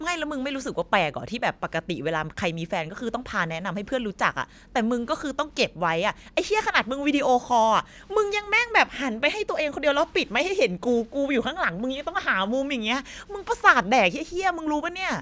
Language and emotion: Thai, angry